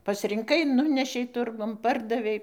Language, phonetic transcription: Lithuanian, pasrinˈkai ˈnunešei ˈturgun ˈpardavei

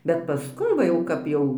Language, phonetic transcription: Lithuanian, bet paˈskui va ˈjau ˈkap jau

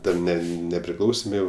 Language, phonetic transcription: Lithuanian, ˈten ˈne nepriˈklausėm ˈjau

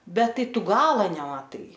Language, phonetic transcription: Lithuanian, ˈbet ˈtai ˈtu ˈgala nemaˈtai

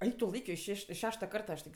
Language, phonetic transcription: Lithuanian, ˈaik tu ˈlaikio iš ˈšeš' iš ˈšešta ˈkarta aš tik

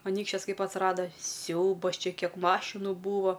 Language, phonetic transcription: Lithuanian, aˈnykščias ˈkaip atsˈrada ˈsiaubas ˈčia ˈkiek ˈmašinu ˈbūvo

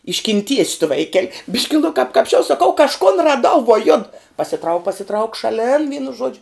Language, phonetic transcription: Lithuanian, iškinˈties' tu ˈvaiˌkel' ˈbiški nu kap kapsˈčiau saˈkau kažˈkon raˈdau vuo jud pasiˈtrauk pasiˈtrauk šaˈlin ˈ vynu ˈžuodžiu

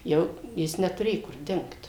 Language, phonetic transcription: Lithuanian, ˈjau ˈjis netuˈrėju kur ˈdingt

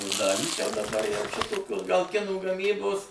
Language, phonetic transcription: Lithuanian, o ˈdalys jau daˈbar jau ˈšitokios gal ˈkinų gaˈmybos

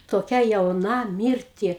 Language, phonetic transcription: Lithuanian, toˈkia jauˈna ˈmyrti

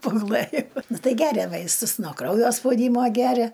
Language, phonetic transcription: Lithuanian, paguˈlɘjo ˈtai ˈgeria ˈvaistus no ˈkraujo spauˈdymo ˈgeria

